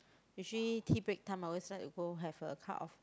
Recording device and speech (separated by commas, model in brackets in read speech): close-talking microphone, conversation in the same room